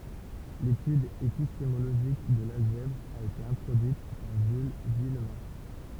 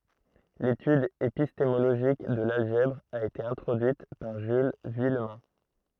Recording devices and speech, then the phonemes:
temple vibration pickup, throat microphone, read sentence
letyd epistemoloʒik də lalʒɛbʁ a ete ɛ̃tʁodyit paʁ ʒyl vyijmɛ̃

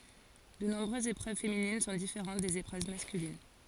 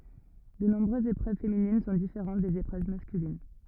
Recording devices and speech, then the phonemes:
forehead accelerometer, rigid in-ear microphone, read sentence
də nɔ̃bʁøzz epʁøv feminin sɔ̃ difeʁɑ̃t dez epʁøv maskylin

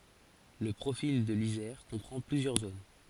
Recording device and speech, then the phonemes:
forehead accelerometer, read sentence
lə pʁofil də lizɛʁ kɔ̃pʁɑ̃ plyzjœʁ zon

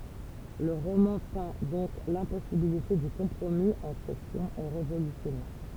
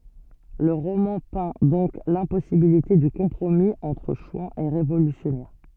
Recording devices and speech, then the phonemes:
temple vibration pickup, soft in-ear microphone, read sentence
lə ʁomɑ̃ pɛ̃ dɔ̃k lɛ̃pɔsibilite dy kɔ̃pʁomi ɑ̃tʁ ʃwɑ̃z e ʁevolysjɔnɛʁ

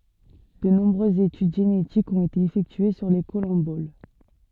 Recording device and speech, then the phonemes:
soft in-ear microphone, read sentence
də nɔ̃bʁøzz etyd ʒenetikz ɔ̃t ete efɛktye syʁ le kɔlɑ̃bol

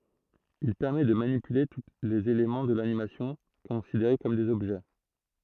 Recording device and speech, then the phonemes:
throat microphone, read sentence
il pɛʁmɛ də manipyle tu lez elemɑ̃ də lanimasjɔ̃ kɔ̃sideʁe kɔm dez ɔbʒɛ

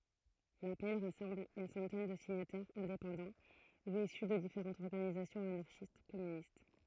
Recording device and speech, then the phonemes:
throat microphone, read sentence
lapɛl ʁasɑ̃bl yn sɑ̃tɛn də siɲatɛʁz ɛ̃depɑ̃dɑ̃ u isy də difeʁɑ̃tz ɔʁɡanizasjɔ̃z anaʁʃistɛskɔmynist

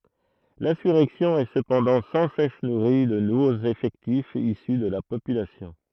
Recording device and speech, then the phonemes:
throat microphone, read sentence
lɛ̃syʁɛksjɔ̃ ɛ səpɑ̃dɑ̃ sɑ̃ sɛs nuʁi də nuvoz efɛktifz isy də la popylasjɔ̃

